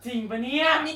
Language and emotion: Thai, happy